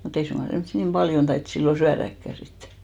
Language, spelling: Finnish, mutta ei suinkaan semmoisia niin paljon taidettu silloin syödäkään sitten
- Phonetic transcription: mu't ‿ei suŋɢa 'semssi nim 'ʙaljon tait sillo "syäräkkä sit .

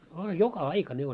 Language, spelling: Finnish, a joka aika ne oli
- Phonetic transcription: a 'joka "aika ne oĺ .

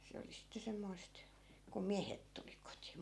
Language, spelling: Finnish, se oli sitten semmoista kun miehet tuli kotiin
- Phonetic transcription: 'se oli sitte 'semmoist , kum "miähet tuli kotI .

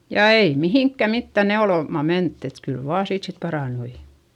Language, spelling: Finnish, ja ei mihinkään mitään neulomaan menty että kyllä vain siitä sitten parantui
- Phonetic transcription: ja ei mihìŋkkä mittä neolòma mentty , et kyl vaa siit sit parànnui .

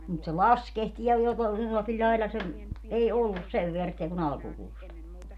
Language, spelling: Finnish, mutta se laskehti ja joko jollakin lailla se ei ollut sen väärttiä kuin alkukuusta
- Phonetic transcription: mut se "laskehtii ja joko , jollakil 'ĺaila se , 'ei "ollus 'sev veärttiä ku'n ‿alkukuusta .

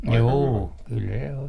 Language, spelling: Finnish, juu kyllä se on
- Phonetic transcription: 'juu kyl se o - .

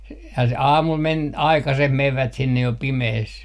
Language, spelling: Finnish, - ja se aamulla meni aikaiseen menivät sinne jo pimeässä
- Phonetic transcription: s - ja se "aamul 'men , "aikaseh 'mevvät 'sinnej jo "pimehes .

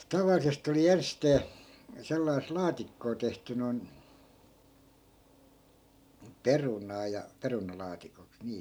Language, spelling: Finnish, tavallisesti oli ensisteen sellaista laatikkoa tehty noin perunaa ja perunalaatikoksi niin
- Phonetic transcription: 'tavallisest ‿oli 'enstee , sellais 'laatikkoo tehty noi̮n , "perunaa ja , 'perunalaatikoks nii .

